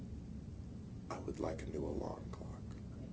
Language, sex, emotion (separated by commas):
English, male, sad